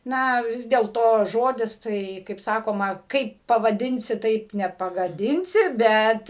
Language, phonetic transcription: Lithuanian, ˈna ˈvis dėlto ˈžodis ˈtai kaip ˈsakoma ˈkaip pavaˈdinsi ˈtaip nepagaˈdinsi ˈbet

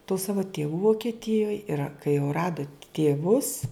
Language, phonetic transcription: Lithuanian, tų ˈsavu tėˈvų vokeˈtijoj ir a kai jau ˈradu tėˈvus

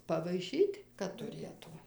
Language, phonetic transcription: Lithuanian, pavaiˈšyt' kad tuˈrėtu

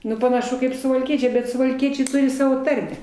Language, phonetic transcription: Lithuanian, ˈnu panaˈšu kaip suvalˈkiečiai bet suvalˈkiečiai ˈturi ˈsavo ˈtarme

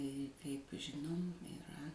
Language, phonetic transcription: Lithuanian, kaip ˈžinom iˈra

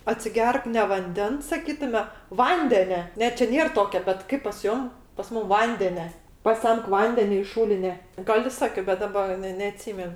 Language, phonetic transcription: Lithuanian, atsiˈgerk ne vanˈdens saˈkytume ˈvandene ˈne čia ˈnėr ˈtokia bet ˈkaip pas ˈjom pas ˈmūm ˈvandene paˈsemk ˈvandene iš ˈšūline ˈgal i ˈsakio bet ˈdaba ˈne neaˈtsymen

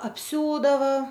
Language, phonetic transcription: Lithuanian, apˈsiūdava

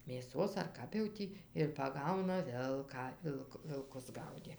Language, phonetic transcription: Lithuanian, mėˈsos ar ˈkap jau ˈtį ir paˈgauna ˈvilką ˈvilk vilˈkus ˈgaudė

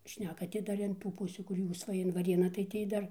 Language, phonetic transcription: Lithuanian, ˈšneka ti ˈdar in ˈtų ˈpusių kur ˈjūs ˈva in vaˈrėną tai ˈtį dar

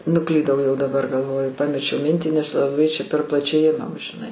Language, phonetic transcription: Lithuanian, nuˈklydau jau daˈbar galˈvoju ˈpamečiau ˈmintį nes laˈbai ˈčia per plaˈčiai ˈimam žiˈnai

